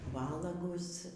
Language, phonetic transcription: Lithuanian, ˈvalagus

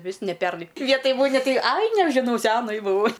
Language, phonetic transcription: Lithuanian, ˈvis ne ˈpernai ˈvietoj ˈmuni ˈtai ˈai nežiˈnau ˈsenai buˈvau

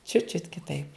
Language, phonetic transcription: Lithuanian, čiut čiut kiˈtaip

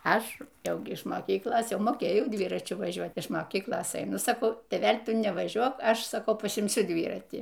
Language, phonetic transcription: Lithuanian, ˈaš ˈjau gi iš moˈkyklos ˈjau moˈkėjau ˈdvyračiu vaˈžiuot iš moˈkyklos eiˈnu saˈkau tėˈvel' ˈtu nevaˈžiuok ˈaš saˈkau pasimˈsiu ˈdvyratį

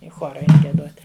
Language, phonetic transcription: Lithuanian, i ˈchora ˈein gieˈdot'

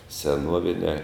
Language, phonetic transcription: Lithuanian, seˈnuoviniā

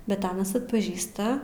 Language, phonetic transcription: Lithuanian, ˈbet ˈanas atpaˈžįsta

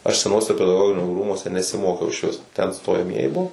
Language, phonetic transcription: Lithuanian, aš seˈnuose pedaˈgoginio ˈrūmuose nesiˈmokiau išˈvis ten stojaˈmieji ˈbuvo

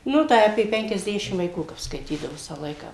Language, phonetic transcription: Lithuanian, ˈnu tai apė penkiasˈdešim vaiˈkų kap skaiˈtydavo ˈvisą ˈlaiką

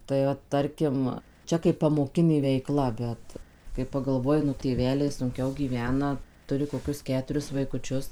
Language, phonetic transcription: Lithuanian, tai ˈvat ˈtarkim ˈčia kaip pamoˈkinė veiˈkla ˈbet kai pagalˈvoji nu tėˈveliai sunˈkiau gyˈvena ˈturi koˈkius ˈketuris vaikuˈčius

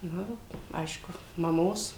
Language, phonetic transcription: Lithuanian, ˈnu ˈaišku maˈmos

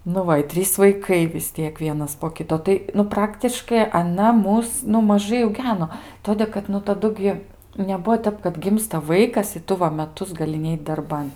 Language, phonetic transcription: Lithuanian, nu ˈva i ˈtrys vaiˈkai vis ˈtiek ˈvienas po ˈkito ˈtai nu ˈpraktiškai aˈna ˈmus nu maˈžai auˈgeno ˈtodė kad nu taˈdu gi neˈbuo ˈtep kad ˈgimsta ˈvaikas i ˈtu va meˈtus gaˈli ˈneit darˈban

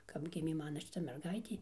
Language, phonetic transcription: Lithuanian, kap ˈgimė ˈmana šiˈta merˈgaitė

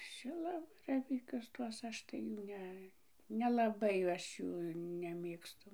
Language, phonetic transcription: Lithuanian, ˈšilabaravykius ˈtuos ˈaš tai ˈjų ˈne nelaˈbai ˈaš ˈjų neˈmėgstu

